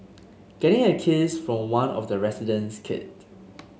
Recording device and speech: mobile phone (Samsung S8), read sentence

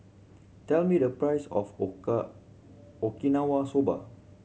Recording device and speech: mobile phone (Samsung C7100), read sentence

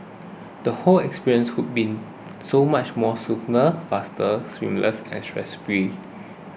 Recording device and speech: boundary microphone (BM630), read sentence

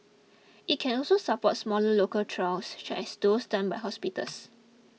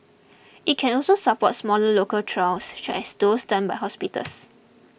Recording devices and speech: mobile phone (iPhone 6), boundary microphone (BM630), read sentence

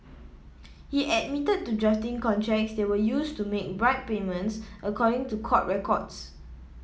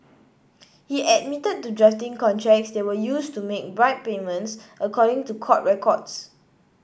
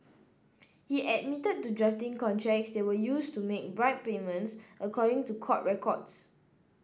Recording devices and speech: mobile phone (iPhone 7), boundary microphone (BM630), standing microphone (AKG C214), read sentence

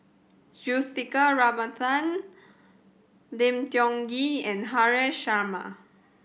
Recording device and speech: boundary microphone (BM630), read sentence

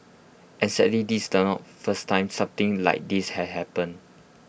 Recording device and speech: boundary microphone (BM630), read sentence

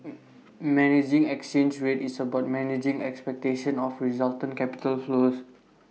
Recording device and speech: mobile phone (iPhone 6), read sentence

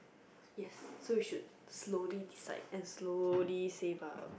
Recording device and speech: boundary microphone, conversation in the same room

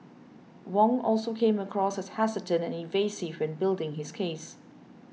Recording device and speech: mobile phone (iPhone 6), read sentence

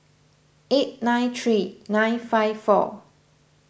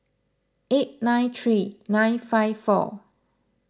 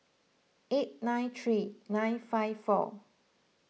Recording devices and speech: boundary microphone (BM630), close-talking microphone (WH20), mobile phone (iPhone 6), read sentence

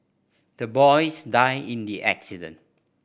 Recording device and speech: boundary microphone (BM630), read sentence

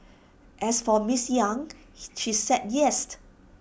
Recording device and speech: boundary microphone (BM630), read sentence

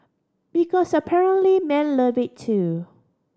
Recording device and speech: standing microphone (AKG C214), read sentence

